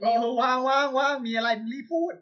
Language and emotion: Thai, happy